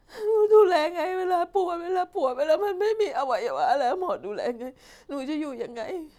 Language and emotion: Thai, sad